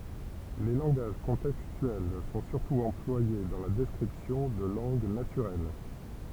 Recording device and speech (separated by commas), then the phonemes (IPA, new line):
temple vibration pickup, read sentence
le lɑ̃ɡaʒ kɔ̃tɛkstyɛl sɔ̃ syʁtu ɑ̃plwaje dɑ̃ la dɛskʁipsjɔ̃ də lɑ̃ɡ natyʁɛl